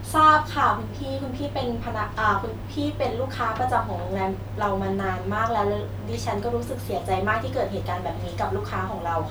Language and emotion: Thai, frustrated